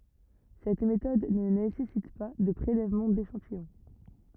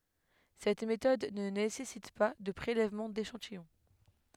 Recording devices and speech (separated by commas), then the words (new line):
rigid in-ear microphone, headset microphone, read sentence
Cette méthode ne nécessite pas de prélèvement d’échantillon.